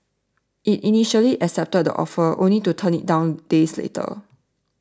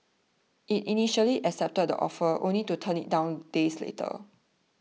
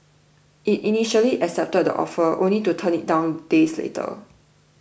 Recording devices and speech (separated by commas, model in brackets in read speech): standing microphone (AKG C214), mobile phone (iPhone 6), boundary microphone (BM630), read sentence